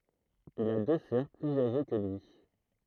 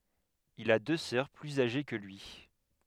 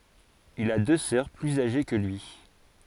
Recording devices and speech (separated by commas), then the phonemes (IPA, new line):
throat microphone, headset microphone, forehead accelerometer, read sentence
il a dø sœʁ plyz aʒe kə lyi